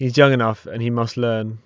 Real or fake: real